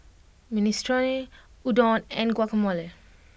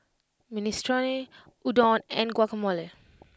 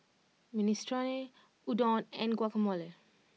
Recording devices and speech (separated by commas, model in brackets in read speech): boundary microphone (BM630), close-talking microphone (WH20), mobile phone (iPhone 6), read sentence